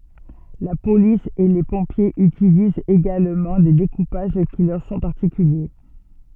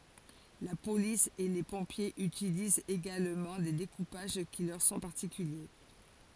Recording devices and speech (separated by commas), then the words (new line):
soft in-ear microphone, forehead accelerometer, read sentence
La police et les pompiers utilisent également des découpages qui leur sont particuliers.